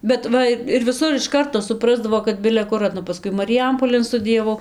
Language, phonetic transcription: Lithuanian, bet ˈva i ir viˈsur iš ˈkarto suˈprasdavo kad bile ˈkur paˈskui mariˈjampolėn studijaˈvau

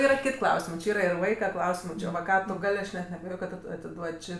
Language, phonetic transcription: Lithuanian, ˈyra ˈkit' ˈklausimɜ či ˈyra ir ˈvaika ˈklausimɜ ˈči va ˈką tu ˈgal' ˈaš net neabeˈjoj kad kad ˈtu atiˈduod' ˈči

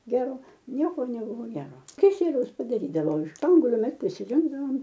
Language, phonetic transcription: Lithuanian, ˈgero ˈnieko neˈbuvo ˈgero kiˈsieliaus padaˈrydavo iš ˈspanguoliu ˈmes prisiˈrinkdavom

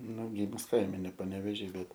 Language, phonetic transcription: Lithuanian, nu gymus ˈkaime ne paneveˈžy ˈbet

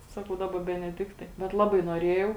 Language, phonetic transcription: Lithuanian, ˈsakau ˈdaˌba beneˈdiktai bet ˈlabai noˈrėjau

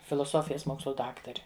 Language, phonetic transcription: Lithuanian, filoˈsofijas ˈmokslu ˈdaktari

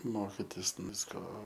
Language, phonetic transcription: Lithuanian, ˈmokitis ˈvisko

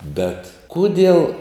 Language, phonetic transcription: Lithuanian, bet ˈkudiel

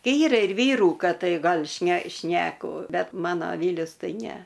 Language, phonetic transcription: Lithuanian, ˈyra ir ˈvyrų ˈkad ˈtai ˈgal' šne ˈšneku ˈbet ˈmano ˈvylius ˈtai ˈne

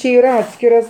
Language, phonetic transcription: Lithuanian, či ˈyr ˈatskiras

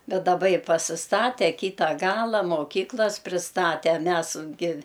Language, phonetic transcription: Lithuanian, ˈbet daˈba i pasisˈtate ˈkyta ˈgala moˈkyklas prisˈtate ˈmæs gi

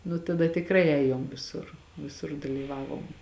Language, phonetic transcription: Lithuanian, nu taˈda tikˈrai ˈējom viˈsur viˈsur dalyˈvavom

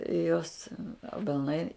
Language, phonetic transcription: Lithuanian, i ˈjos abelˈnai

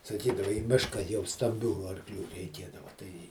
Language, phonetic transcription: Lithuanian, saˈkydava į ˈmiška jau stamˈbių arˈklių reiˈkėdava ˈtai

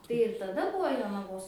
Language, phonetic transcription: Lithuanian, tai ir taˈda ˈbuvo jonaˈvos

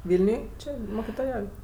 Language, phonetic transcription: Lithuanian, ˈvilniuj ˈči mokitoˈjauj

